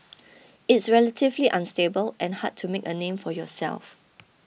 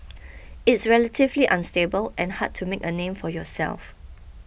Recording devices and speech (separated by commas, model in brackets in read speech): mobile phone (iPhone 6), boundary microphone (BM630), read sentence